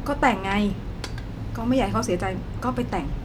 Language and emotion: Thai, frustrated